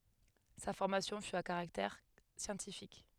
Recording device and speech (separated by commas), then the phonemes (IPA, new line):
headset microphone, read sentence
sa fɔʁmasjɔ̃ fy a kaʁaktɛʁ sjɑ̃tifik